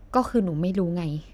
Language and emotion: Thai, frustrated